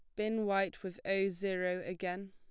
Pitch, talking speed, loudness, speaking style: 195 Hz, 170 wpm, -36 LUFS, plain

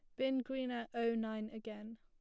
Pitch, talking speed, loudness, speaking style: 230 Hz, 205 wpm, -40 LUFS, plain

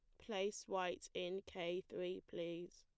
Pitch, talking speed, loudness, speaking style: 180 Hz, 140 wpm, -45 LUFS, plain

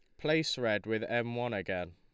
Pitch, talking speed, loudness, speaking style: 120 Hz, 205 wpm, -33 LUFS, Lombard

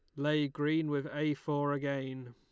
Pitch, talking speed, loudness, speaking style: 145 Hz, 170 wpm, -34 LUFS, Lombard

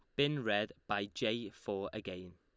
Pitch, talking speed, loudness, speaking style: 100 Hz, 165 wpm, -37 LUFS, Lombard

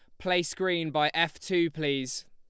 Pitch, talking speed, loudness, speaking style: 170 Hz, 170 wpm, -28 LUFS, Lombard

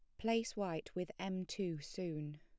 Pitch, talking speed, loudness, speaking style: 180 Hz, 165 wpm, -42 LUFS, plain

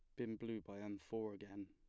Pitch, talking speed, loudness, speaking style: 105 Hz, 245 wpm, -48 LUFS, plain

